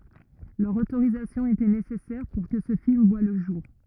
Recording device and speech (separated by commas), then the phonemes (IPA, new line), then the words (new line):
rigid in-ear microphone, read sentence
lœʁ otoʁizasjɔ̃ etɛ nesɛsɛʁ puʁ kə sə film vwa lə ʒuʁ
Leur autorisation était nécessaire pour que ce film voit le jour.